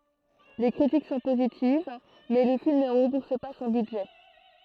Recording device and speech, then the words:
throat microphone, read sentence
Les critiques sont positives, mais le film ne rembourse pas son budget.

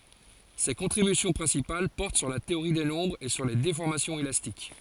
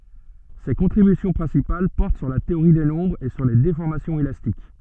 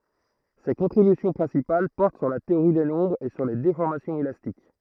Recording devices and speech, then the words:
forehead accelerometer, soft in-ear microphone, throat microphone, read sentence
Ses contributions principales portent sur la théorie des nombres et sur les déformations élastiques.

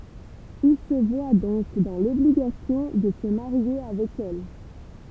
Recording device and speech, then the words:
temple vibration pickup, read sentence
Il se voit donc dans l’obligation de se marier avec elle.

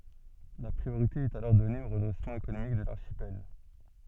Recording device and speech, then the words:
soft in-ear microphone, read sentence
La priorité est alors donnée au redressement économique de l'archipel.

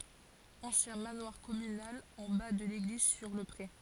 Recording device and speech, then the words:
forehead accelerometer, read sentence
Ancien manoir communal en bas de l’église sur le pré.

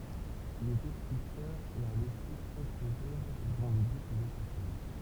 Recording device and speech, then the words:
temple vibration pickup, read sentence
Il était sculpteur et a laissé quelques œuvres dont le buste de sa fille.

